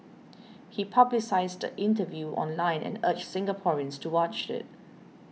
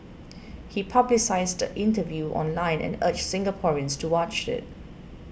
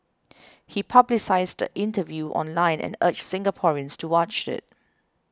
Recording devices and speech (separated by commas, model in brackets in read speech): mobile phone (iPhone 6), boundary microphone (BM630), close-talking microphone (WH20), read sentence